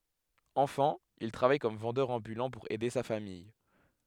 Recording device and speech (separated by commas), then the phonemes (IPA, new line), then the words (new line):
headset microphone, read sentence
ɑ̃fɑ̃ il tʁavaj kɔm vɑ̃dœʁ ɑ̃bylɑ̃ puʁ ɛde sa famij
Enfant, il travaille comme vendeur ambulant pour aider sa famille.